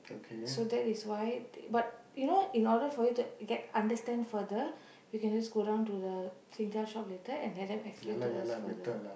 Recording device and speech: boundary microphone, conversation in the same room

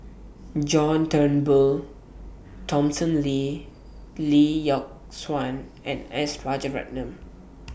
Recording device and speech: boundary microphone (BM630), read sentence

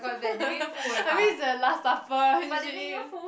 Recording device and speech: boundary microphone, conversation in the same room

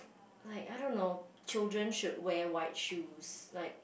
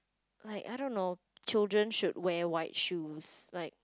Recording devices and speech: boundary microphone, close-talking microphone, conversation in the same room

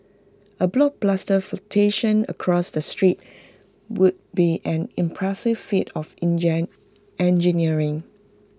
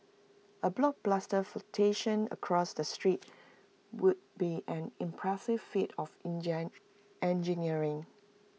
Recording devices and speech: close-talking microphone (WH20), mobile phone (iPhone 6), read sentence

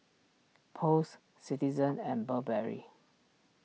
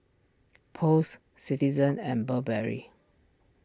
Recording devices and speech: mobile phone (iPhone 6), standing microphone (AKG C214), read sentence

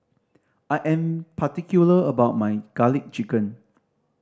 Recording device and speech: standing microphone (AKG C214), read sentence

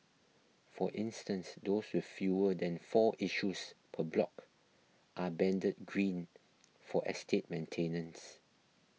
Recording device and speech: mobile phone (iPhone 6), read sentence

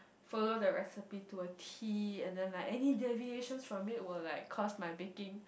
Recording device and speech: boundary microphone, conversation in the same room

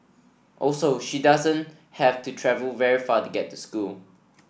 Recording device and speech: boundary microphone (BM630), read sentence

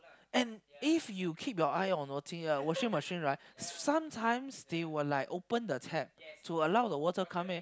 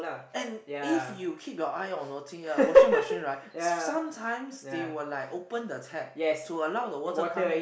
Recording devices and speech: close-talking microphone, boundary microphone, conversation in the same room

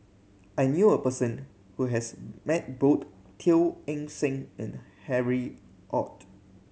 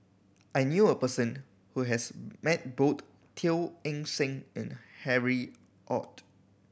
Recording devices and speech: mobile phone (Samsung C7100), boundary microphone (BM630), read sentence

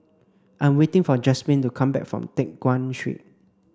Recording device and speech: standing microphone (AKG C214), read sentence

